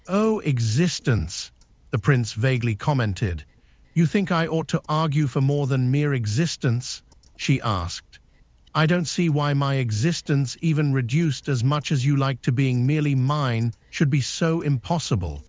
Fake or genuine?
fake